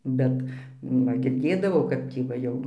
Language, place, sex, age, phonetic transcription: Lithuanian, Dzūkija, female, 60+, ˈbet nu ˈva girˈdėdavau ˈkap tį va ˈjau

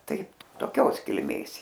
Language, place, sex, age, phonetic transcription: Lithuanian, Aukštaitija, female, 60+, ˈtai toˈkios kilˈmės ˈjie

